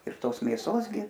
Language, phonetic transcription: Lithuanian, ir ˈtos mėˈsos gi

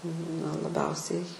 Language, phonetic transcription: Lithuanian, na laˈbiausiai

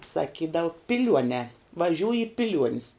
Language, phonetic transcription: Lithuanian, saˈkydavu piˈliuonē vaˈžiūj i piˈliuonis

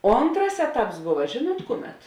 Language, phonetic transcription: Lithuanian, ˈontras ˈeˌtaps ˈbuva ˈžėˌnuot ˈkuˌmet

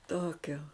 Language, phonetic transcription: Lithuanian, ˈtokio

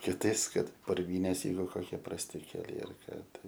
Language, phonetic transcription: Lithuanian, kiˈtais ˈkad purˈvynės ˈjeigu koˈkie prasˈti keˈliai ar ˈką ˈtai

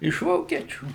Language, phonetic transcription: Lithuanian, iš ˈvokiečių

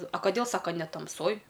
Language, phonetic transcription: Lithuanian, a kaˈdėl ˈsaka ne tamˈsoj

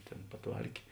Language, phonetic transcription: Lithuanian, ˈtėn paˈtvarkė

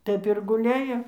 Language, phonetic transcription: Lithuanian, ˈtaip ir guˈlejo

